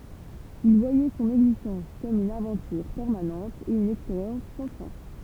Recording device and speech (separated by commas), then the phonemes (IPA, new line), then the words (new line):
temple vibration pickup, read sentence
il vwajɛ sɔ̃n ɛɡzistɑ̃s kɔm yn avɑ̃tyʁ pɛʁmanɑ̃t e yn ɛkspeʁjɑ̃s sɑ̃ fɛ̃
Il voyait son existence comme une aventure permanente et une expérience sans fin.